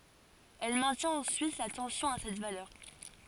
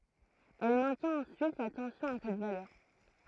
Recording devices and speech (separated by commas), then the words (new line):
forehead accelerometer, throat microphone, read sentence
Elle maintient ensuite la tension à cette valeur.